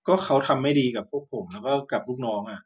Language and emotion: Thai, frustrated